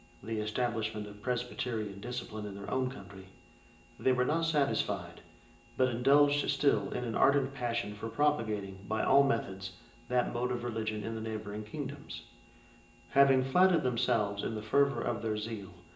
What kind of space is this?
A big room.